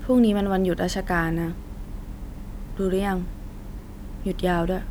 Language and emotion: Thai, neutral